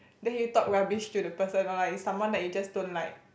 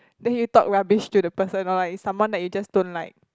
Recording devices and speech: boundary microphone, close-talking microphone, conversation in the same room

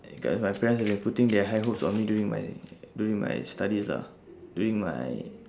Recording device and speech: standing microphone, conversation in separate rooms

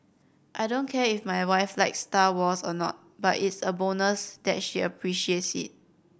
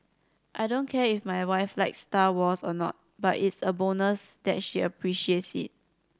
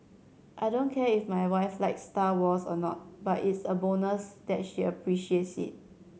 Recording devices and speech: boundary microphone (BM630), standing microphone (AKG C214), mobile phone (Samsung C7100), read sentence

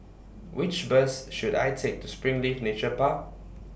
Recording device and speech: boundary microphone (BM630), read sentence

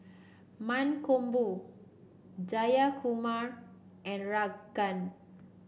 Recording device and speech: boundary microphone (BM630), read sentence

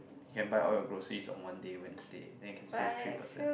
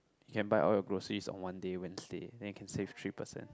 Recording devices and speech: boundary microphone, close-talking microphone, conversation in the same room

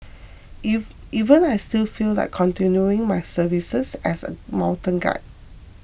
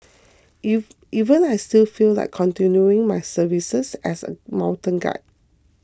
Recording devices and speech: boundary microphone (BM630), close-talking microphone (WH20), read sentence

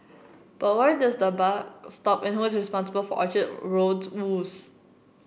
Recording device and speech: boundary microphone (BM630), read sentence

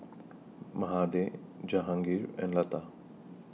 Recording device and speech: mobile phone (iPhone 6), read sentence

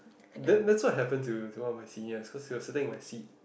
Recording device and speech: boundary microphone, conversation in the same room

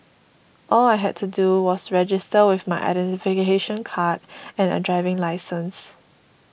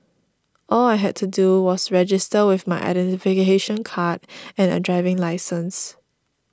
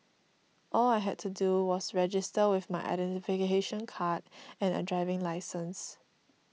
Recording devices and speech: boundary microphone (BM630), standing microphone (AKG C214), mobile phone (iPhone 6), read sentence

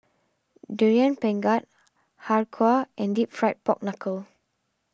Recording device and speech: standing microphone (AKG C214), read sentence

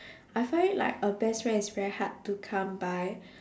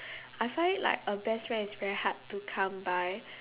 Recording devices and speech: standing microphone, telephone, conversation in separate rooms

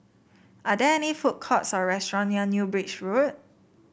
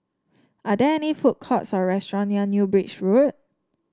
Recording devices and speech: boundary microphone (BM630), standing microphone (AKG C214), read sentence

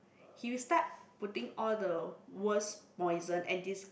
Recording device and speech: boundary microphone, conversation in the same room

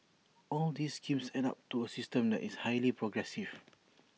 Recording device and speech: mobile phone (iPhone 6), read sentence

